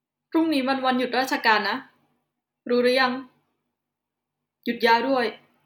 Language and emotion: Thai, neutral